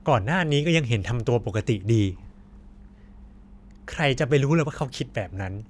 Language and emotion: Thai, frustrated